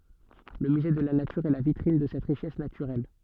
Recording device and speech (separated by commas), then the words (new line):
soft in-ear microphone, read sentence
Le musée de la nature est la vitrine de cette richesse naturelle.